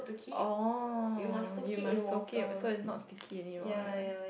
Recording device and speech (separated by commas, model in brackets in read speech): boundary microphone, conversation in the same room